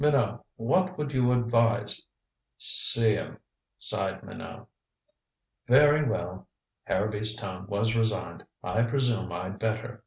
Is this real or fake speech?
real